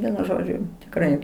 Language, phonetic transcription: Lithuanian, ˈvienu ˈžodžiu tikˈrai

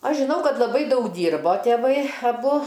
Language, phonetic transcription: Lithuanian, ˈaš žiˈnau ˈkad laˈbai ˈdaug ˈdyrbo tėˈvai aˈbu

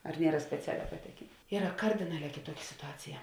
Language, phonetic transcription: Lithuanian, ar ˈniera speˈcialiā paˈtekėn ˈyra ˈkardinaˌlē kėˈtuoki situˈacija

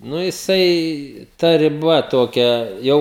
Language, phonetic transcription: Lithuanian, ˈnu jiˈsai ta riˈba ˈtokia ˈjau

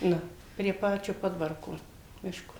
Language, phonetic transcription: Lithuanian, ˈnu prie ˈpačiu ˈpodvarko ˈmiško

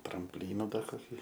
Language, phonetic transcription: Lithuanian, trampˈlynu ˈdar koˈkį

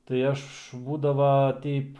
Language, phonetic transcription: Lithuanian, tai ˈaš ˈbūdava ˈteip

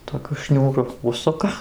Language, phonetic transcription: Lithuanian, toˈkiu ˈšniūru ˈužsuka

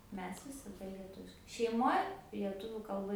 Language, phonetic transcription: Lithuanian, ˈmes visaˈda lieˈtuviškai šeiˈmoj lieˈtuvių kalˈba

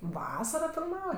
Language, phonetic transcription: Lithuanian, ˈvasara filˈmava

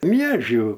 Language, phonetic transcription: Lithuanian, ˈmiežių

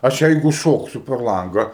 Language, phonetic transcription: Lithuanian, ˈaš ˈjeigu ˈšoksiu per ˈlanga

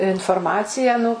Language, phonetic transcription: Lithuanian, inforˈmaciją nu

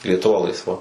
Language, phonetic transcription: Lithuanian, lietuˈva laisˈva

